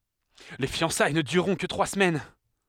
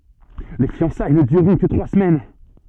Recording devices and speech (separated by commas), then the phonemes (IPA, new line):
headset microphone, soft in-ear microphone, read sentence
le fjɑ̃saj nə dyʁʁɔ̃ kə tʁwa səmɛn